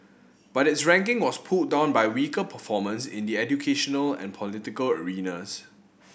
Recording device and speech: boundary microphone (BM630), read sentence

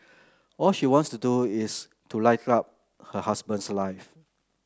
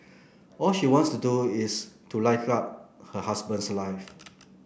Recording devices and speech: close-talking microphone (WH30), boundary microphone (BM630), read sentence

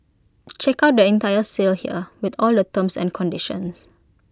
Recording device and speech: close-talking microphone (WH20), read sentence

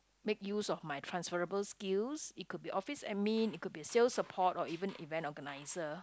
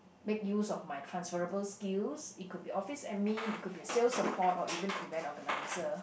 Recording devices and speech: close-talking microphone, boundary microphone, conversation in the same room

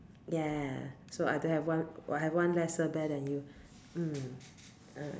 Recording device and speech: standing microphone, conversation in separate rooms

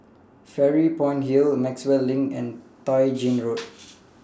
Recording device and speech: standing microphone (AKG C214), read sentence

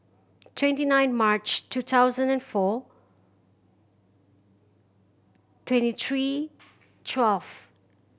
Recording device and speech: boundary microphone (BM630), read sentence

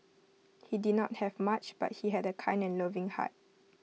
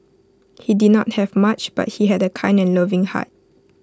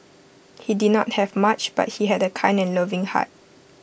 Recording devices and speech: mobile phone (iPhone 6), close-talking microphone (WH20), boundary microphone (BM630), read sentence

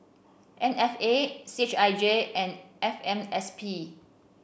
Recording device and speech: boundary microphone (BM630), read sentence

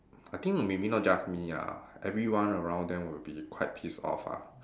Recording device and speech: standing microphone, conversation in separate rooms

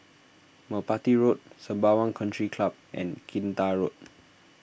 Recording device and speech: boundary microphone (BM630), read sentence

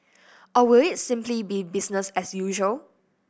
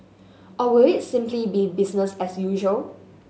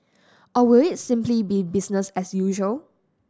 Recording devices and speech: boundary microphone (BM630), mobile phone (Samsung S8), standing microphone (AKG C214), read sentence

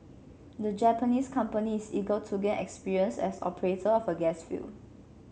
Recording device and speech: mobile phone (Samsung C7), read sentence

